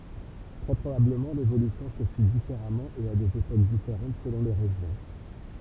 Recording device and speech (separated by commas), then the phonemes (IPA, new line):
temple vibration pickup, read sentence
tʁɛ pʁobabləmɑ̃ levolysjɔ̃ sə fi difeʁamɑ̃ e a dez epok difeʁɑ̃t səlɔ̃ le ʁeʒjɔ̃